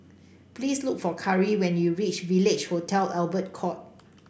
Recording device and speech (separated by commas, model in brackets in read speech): boundary microphone (BM630), read sentence